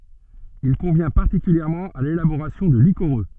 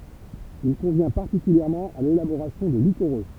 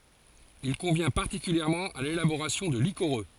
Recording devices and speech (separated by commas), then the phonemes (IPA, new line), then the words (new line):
soft in-ear microphone, temple vibration pickup, forehead accelerometer, read sentence
il kɔ̃vjɛ̃ paʁtikyljɛʁmɑ̃ a lelaboʁasjɔ̃ də likoʁø
Il convient particulièrement à l'élaboration de liquoreux.